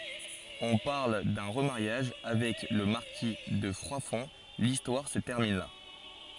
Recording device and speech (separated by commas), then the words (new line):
forehead accelerometer, read sentence
On parle d'un remariage avec le marquis de Froidfond… l'histoire se termine là.